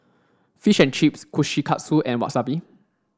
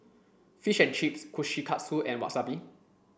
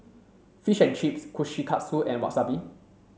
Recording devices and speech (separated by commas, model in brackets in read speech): standing microphone (AKG C214), boundary microphone (BM630), mobile phone (Samsung C7), read sentence